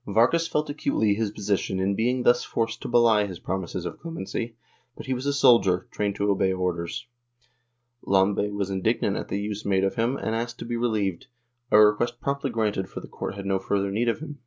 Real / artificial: real